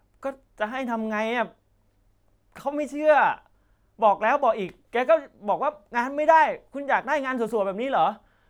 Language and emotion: Thai, frustrated